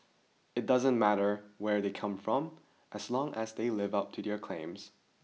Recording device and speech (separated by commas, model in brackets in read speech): mobile phone (iPhone 6), read sentence